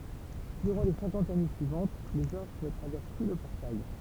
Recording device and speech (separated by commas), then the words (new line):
temple vibration pickup, read sentence
Durant les cinquante années suivantes, les orcs ne traversent plus le portail.